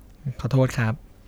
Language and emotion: Thai, neutral